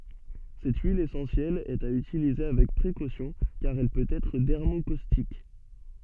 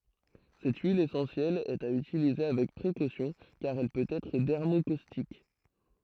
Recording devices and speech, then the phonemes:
soft in-ear microphone, throat microphone, read sentence
sɛt yil esɑ̃sjɛl ɛt a ytilize avɛk pʁekosjɔ̃ kaʁ ɛl pøt ɛtʁ dɛʁmokostik

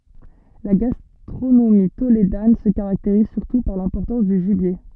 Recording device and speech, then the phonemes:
soft in-ear microphone, read sentence
la ɡastʁonomi toledan sə kaʁakteʁiz syʁtu paʁ lɛ̃pɔʁtɑ̃s dy ʒibje

